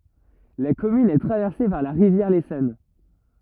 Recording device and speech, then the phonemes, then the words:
rigid in-ear microphone, read sentence
la kɔmyn ɛ tʁavɛʁse paʁ la ʁivjɛʁ lesɔn
La commune est traversée par la rivière l'Essonne.

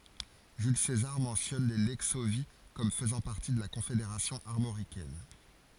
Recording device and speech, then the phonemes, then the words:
forehead accelerometer, read sentence
ʒyl sezaʁ mɑ̃sjɔn le lɛksovji kɔm fəzɑ̃ paʁti də la kɔ̃fedeʁasjɔ̃ aʁmoʁikɛn
Jules César mentionne les Lexovii comme faisant partie de la Confédération armoricaine.

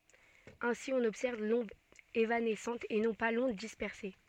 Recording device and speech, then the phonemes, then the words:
soft in-ear microphone, read sentence
ɛ̃si ɔ̃n ɔbsɛʁv lɔ̃d evanɛsɑ̃t e nɔ̃ pa lɔ̃d dispɛʁse
Ainsi, on observe l'onde évanescente et non pas l'onde dispersée.

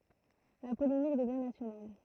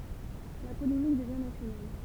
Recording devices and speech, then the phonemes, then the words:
throat microphone, temple vibration pickup, read sentence
la polemik dəvjɛ̃ nasjonal
La polémique devient nationale.

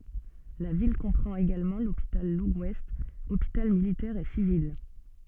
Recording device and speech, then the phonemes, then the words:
soft in-ear microphone, read sentence
la vil kɔ̃pʁɑ̃t eɡalmɑ̃ lopital ləɡwɛst opital militɛʁ e sivil
La ville comprend également l'Hôpital Legouest, hôpital militaire et civil.

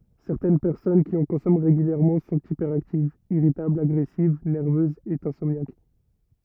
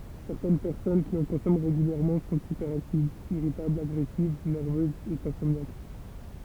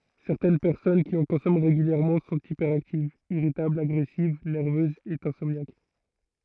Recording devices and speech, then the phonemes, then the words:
rigid in-ear microphone, temple vibration pickup, throat microphone, read sentence
sɛʁtɛn pɛʁsɔn ki ɑ̃ kɔ̃sɔmɑ̃ ʁeɡyljɛʁmɑ̃ sɔ̃t ipɛʁaktivz iʁitablz aɡʁɛsiv nɛʁvøzz e ɛ̃sɔmnjak
Certaines personnes qui en consomment régulièrement sont hyperactives, irritables, agressives, nerveuses, et insomniaques.

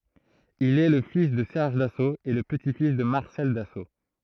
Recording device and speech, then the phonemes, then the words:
throat microphone, read sentence
il ɛ lə fis də sɛʁʒ daso e lə pəti fis də maʁsɛl daso
Il est le fils de Serge Dassault et le petit-fils de Marcel Dassault.

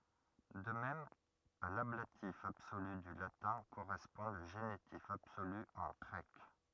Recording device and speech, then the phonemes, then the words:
rigid in-ear microphone, read sentence
də mɛm a lablatif absoly dy latɛ̃ koʁɛspɔ̃ lə ʒenitif absoly ɑ̃ ɡʁɛk
De même, à l'ablatif absolu du latin correspond le génitif absolu en grec.

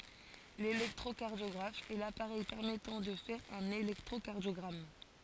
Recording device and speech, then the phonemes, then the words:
forehead accelerometer, read sentence
lelɛktʁokaʁdjɔɡʁaf ɛ lapaʁɛj pɛʁmɛtɑ̃ də fɛʁ œ̃n elɛktʁokaʁdjɔɡʁam
L'électrocardiographe est l'appareil permettant de faire un électrocardiogramme.

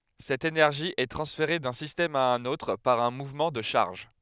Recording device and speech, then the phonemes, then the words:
headset microphone, read sentence
sɛt enɛʁʒi ɛ tʁɑ̃sfeʁe dœ̃ sistɛm a œ̃n otʁ paʁ œ̃ muvmɑ̃ də ʃaʁʒ
Cette énergie est transférée d'un système à un autre par un mouvement de charges.

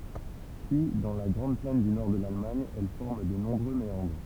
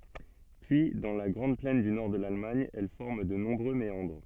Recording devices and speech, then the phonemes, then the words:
temple vibration pickup, soft in-ear microphone, read sentence
pyi dɑ̃ la ɡʁɑ̃d plɛn dy nɔʁ də lalmaɲ ɛl fɔʁm də nɔ̃bʁø meɑ̃dʁ
Puis, dans la grande plaine du nord de l'Allemagne, elle forme de nombreux méandres.

